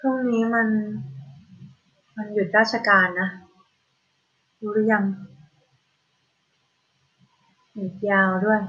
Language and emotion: Thai, frustrated